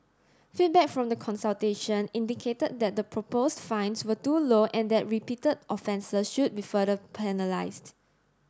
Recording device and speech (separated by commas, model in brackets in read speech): standing microphone (AKG C214), read sentence